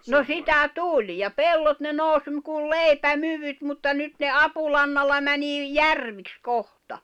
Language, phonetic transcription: Finnish, no 'sitä "tuĺ , ja "pellot ne 'nòus m̥- kul "lèipä"myvyt mutta 'nyt ne "apulannalla 'mänii , "järviks 'kohta .
- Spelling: no sitä tuli ja pellot ne nousi - kuin leipämykyt mutta nyt ne apulannalla menee järviksi kohta

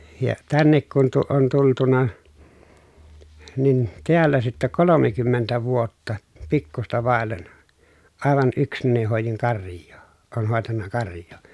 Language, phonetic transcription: Finnish, ja tännek kun tu- , on tultuna , nin tiällä sittä kolomekymmentä vuotta , pikkusta vàellen , àevan ʼyksnäni hòejiŋ karj̆joo , oon hòetanna karj̀oo .
- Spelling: ja tänne kun - on tultu niin täällä sitten kolmekymmentä vuotta pikkuista vaille aivan yksinäni hoidin karjaa olen hoitanut karjaa

